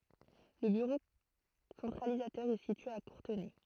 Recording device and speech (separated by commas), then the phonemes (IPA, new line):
throat microphone, read sentence
lə byʁo sɑ̃tʁalizatœʁ ɛ sitye a kuʁtənɛ